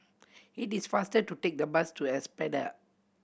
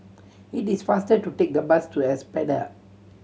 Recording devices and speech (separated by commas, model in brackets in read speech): boundary microphone (BM630), mobile phone (Samsung C7100), read sentence